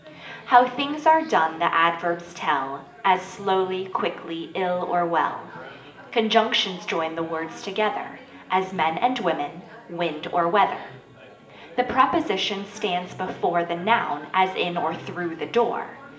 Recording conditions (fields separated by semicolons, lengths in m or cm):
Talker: one person; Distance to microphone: 1.8 m; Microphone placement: close; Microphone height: 1.0 m; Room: large; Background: babble